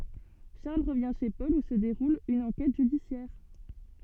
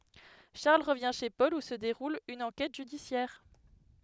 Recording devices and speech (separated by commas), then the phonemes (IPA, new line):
soft in-ear microphone, headset microphone, read sentence
ʃaʁl ʁəvjɛ̃ ʃe pɔl u sə deʁul yn ɑ̃kɛt ʒydisjɛʁ